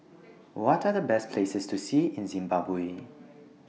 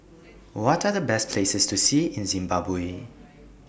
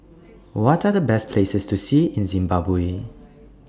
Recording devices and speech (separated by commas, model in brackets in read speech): mobile phone (iPhone 6), boundary microphone (BM630), standing microphone (AKG C214), read sentence